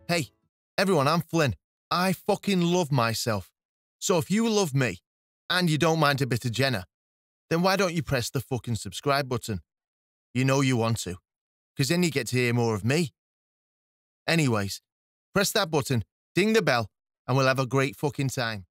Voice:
Flippant Male Voice